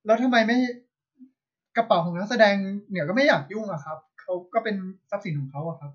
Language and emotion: Thai, neutral